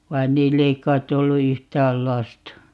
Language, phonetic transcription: Finnish, 'vain "niill ‿ei 'k̀aitt̆ ‿ollu 'yhtääl "lasta .
- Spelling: vaan niillä ei kai ollut yhtään lasta

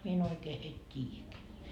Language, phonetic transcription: Finnish, 'mie e'n ‿oikee heit "t́iijäkeä .
- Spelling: minä en oikein heitä tiedäkään

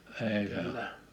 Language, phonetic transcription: Finnish, èi se ‿o .
- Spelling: ei se on

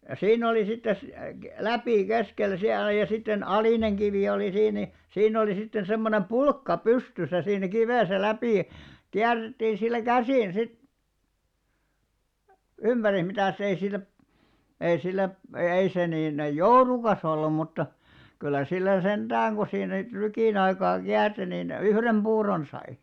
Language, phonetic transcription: Finnish, 'siinn ‿oli sittes- , 'läpì 'keskel̆§lä siällä ja sitten 'alìneŋ ɢivì oli 'siin ni , 'siinn ‿olì 'sitten̬ semmonem "pulkka "pystysä siin̆nä 'kivèsä 'läpì , 'kiär̆§rettiin sillä "käsin sit , 'ymʙäris 'mitä̀s ‿ei sillä , ei sillä , e- 'ei se niin , "jourukas ‿ollum mutta , kyllä 'sillä 'senᴅääŋ ku siin niit 'trykìn ‿aikaa 'kiärti nin , "yhrem 'ʙuuron sai .
- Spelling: siinä oli - läpi keskeltä siellä ja sitten alinen kivi oli siinä niin siinä oli sitten semmoinen pulkka pystyssä siinä kivessä läpi kierrettiin sillä käsin sitten ympäri mitäs ei sillä ei sillä - ei se niin joudukas ollut mutta kyllä sillä sentään kun siinä niitä trykin aikaa kiersi niin yhden puuron sai

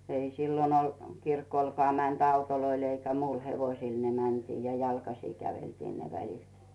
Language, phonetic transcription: Finnish, ei 'sillon ol , 'kirkolkᵒà mänt "autoloil eikä 'muil "hevoⁱsil ne 'mäntii ja "jalkasì 'käveltii ne 'välit .
- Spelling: ei silloin ole kirkollekaan menty autoilla eikä muilla hevosilla ne mentiin ja jalkaisin käveltiin ne välit

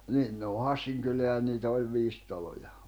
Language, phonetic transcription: Finnish, 'niin ne o "Hassiŋ kyleä ʲa niitä oĺ 'viis 'taloja .
- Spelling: niin ne on Hassin kylää ja niitä oli viisi taloa

